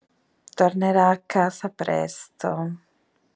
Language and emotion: Italian, disgusted